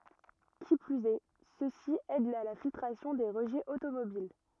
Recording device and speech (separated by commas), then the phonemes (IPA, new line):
rigid in-ear microphone, read sentence
ki plyz ɛ sø si ɛdt a la filtʁasjɔ̃ de ʁəʒɛz otomobil